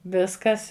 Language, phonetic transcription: Lithuanian, ˈviskas

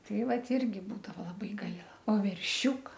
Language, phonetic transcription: Lithuanian, ˈtai ˈvat ˈirgi ˈbūdavo laˈbai ˈgaila o verˈšiūka

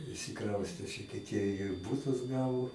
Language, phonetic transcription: Lithuanian, išsiˈkraustė ˈšiti tie ir ˈbutus ˈgavo

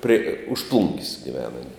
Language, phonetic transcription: Lithuanian, pri už plung's' giˈvena aˈni

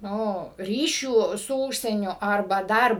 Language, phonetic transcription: Lithuanian, ˈnu ˈryšių su ˈūžsieniu arˈba ˈdar

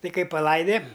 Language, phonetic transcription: Lithuanian, ˈti ˈkai paˈlaide

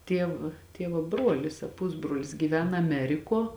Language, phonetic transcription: Lithuanian, ˈtiev ˈtievo ˈbruolis a ˈpusbrolis gyˈvena aˈmerikuo

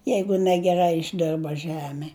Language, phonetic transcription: Lithuanian, ˈjeigu negeˈrai išˈdirba ˈžeme

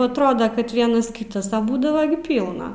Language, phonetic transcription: Lithuanian, atˈroda kad ˈvienas ˈkytas a ˈbūdava gi ˈpylna

